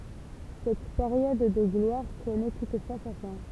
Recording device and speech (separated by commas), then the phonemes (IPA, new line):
temple vibration pickup, read sentence
sɛt peʁjɔd də ɡlwaʁ kɔnɛ tutfwa sa fɛ̃